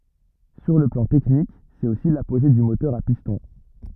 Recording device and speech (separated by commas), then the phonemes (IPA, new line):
rigid in-ear microphone, read sentence
syʁ lə plɑ̃ tɛknik sɛt osi lapoʒe dy motœʁ a pistɔ̃